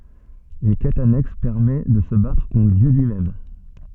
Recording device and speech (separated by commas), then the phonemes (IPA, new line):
soft in-ear microphone, read sentence
yn kɛt anɛks pɛʁmɛ də sə batʁ kɔ̃tʁ djø lyimɛm